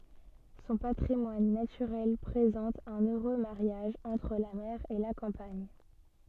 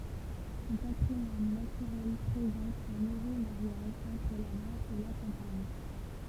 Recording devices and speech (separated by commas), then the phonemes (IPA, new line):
soft in-ear microphone, temple vibration pickup, read sentence
sɔ̃ patʁimwan natyʁɛl pʁezɑ̃t œ̃n øʁø maʁjaʒ ɑ̃tʁ la mɛʁ e la kɑ̃paɲ